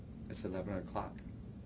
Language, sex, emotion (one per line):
English
male
neutral